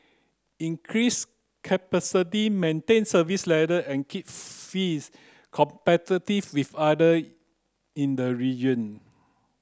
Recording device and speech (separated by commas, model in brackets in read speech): close-talking microphone (WH30), read sentence